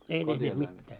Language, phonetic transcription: Finnish, ei 'ne teht 'mittää .
- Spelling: ei ne tehnyt mitään

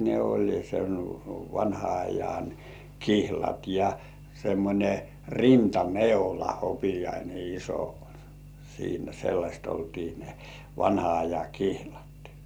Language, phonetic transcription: Finnish, ne oĺ sen vanha ajan , "kihlat ja , semmońe "rinta"neula 'hopijaine iso , siinä 'sellaśt oltii ne 'vanha aja "kihlat .
- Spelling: ne oli sen vanhan ajan kihlat ja semmoinen rintaneula hopeainen iso siinä sellaista oltiin ne vanhan ajan kihlat

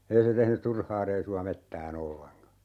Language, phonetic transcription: Finnish, 'ei se 'tehny "turhaa reisu₍a 'mettää"n ‿olleŋka .
- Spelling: ei se tehnyt turhaa reissua metsään ollenkaan

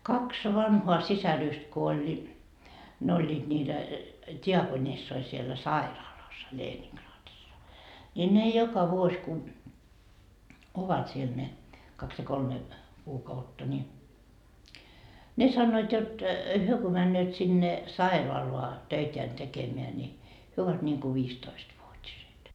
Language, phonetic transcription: Finnish, "kaks 'vanhoa "sisäryst ko oĺ , 'ne oĺĺiiD niitä , 'tiakonissoi siellä "sairaalassa 'Leeniŋkraatissa , ńi ne 'joka vuos ku , 'ovat siel ne , 'kaks ja kolme , 'kuukautta ńi , 'ne sannoit jot , "hyö ko männööt sinne , "sairoaloa , 'töiteän 'tekemeä ńi , 'hyö ovat niŋku "viistoistvuot́iset .
- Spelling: kaksi vanhaa sisarusta kun oli ne olivat niitä diakonissoja siellä sairaalassa Leningradissa niin ne joka vuosi kun ovat siellä ne kaksi ja kolme kuukautta niin ne sanoivat jotta he kun menevät sinne sairaalaan töitään tekemään niin he ovat niin kuin viisitoistavuotiset

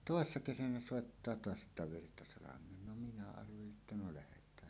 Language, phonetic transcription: Finnish, tòessa 'kesänä 'sòettaa "toas 'että » 'Virtasalam̀een « no minä arveli’ ’että no lähet̀ään .
- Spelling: toissa kesänä soittaa taas että Virtasalameen no minä arvelin että no lähdetään

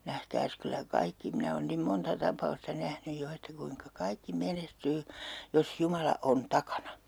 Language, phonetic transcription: Finnish, 'nähkääs kyllä 'kaikki , 'minä oon nim "monta 'tap̀a₍usta 'nähnyj 'jo että 'kuiŋka 'kaikki "menestyy , jos "Jumala 'on "takana .
- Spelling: nähkääs kyllä kaikki minä olen niin monta tapausta nähnyt jo että kuinka kaikki menestyy jos Jumala on takana

